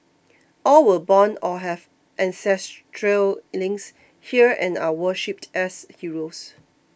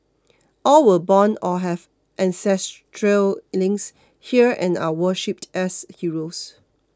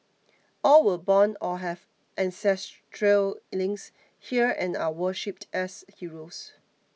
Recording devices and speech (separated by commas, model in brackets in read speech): boundary microphone (BM630), close-talking microphone (WH20), mobile phone (iPhone 6), read sentence